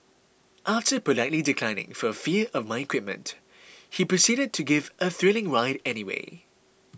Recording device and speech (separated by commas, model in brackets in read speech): boundary microphone (BM630), read sentence